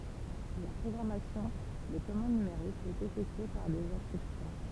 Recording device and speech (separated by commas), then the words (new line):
temple vibration pickup, read sentence
La programmation de commande numérique est effectuée par des instructions.